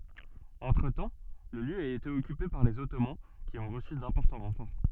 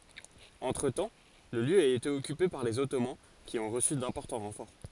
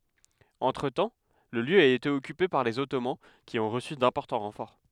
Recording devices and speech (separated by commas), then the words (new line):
soft in-ear microphone, forehead accelerometer, headset microphone, read sentence
Entretemps, le lieu a été occupé par les Ottomans qui ont reçu d'importants renforts.